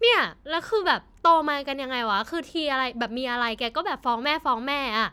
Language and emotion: Thai, frustrated